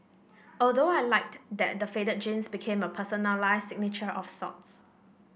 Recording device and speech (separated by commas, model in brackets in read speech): boundary microphone (BM630), read sentence